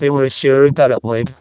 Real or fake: fake